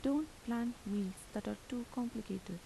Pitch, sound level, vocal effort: 235 Hz, 79 dB SPL, soft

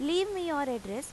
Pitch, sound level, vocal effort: 290 Hz, 89 dB SPL, loud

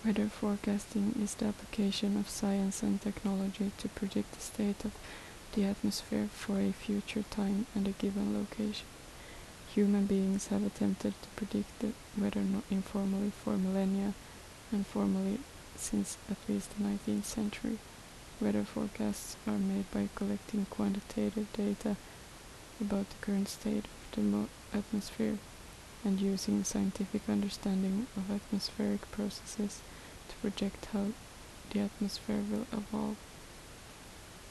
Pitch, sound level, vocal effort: 205 Hz, 71 dB SPL, soft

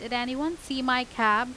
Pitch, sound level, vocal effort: 250 Hz, 92 dB SPL, loud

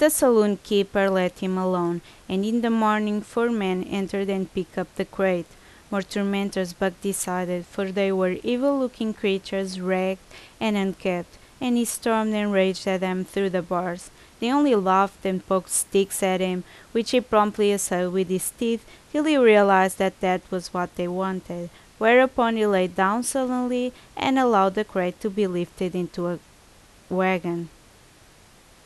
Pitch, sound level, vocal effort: 195 Hz, 83 dB SPL, loud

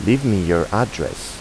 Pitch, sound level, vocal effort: 105 Hz, 83 dB SPL, normal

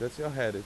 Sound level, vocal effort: 89 dB SPL, normal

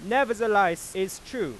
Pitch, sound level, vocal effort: 200 Hz, 101 dB SPL, very loud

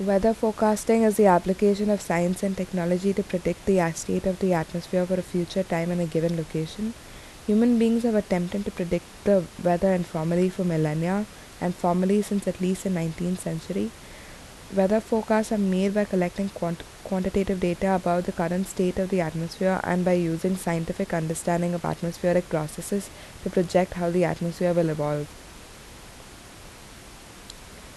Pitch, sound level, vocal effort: 185 Hz, 77 dB SPL, normal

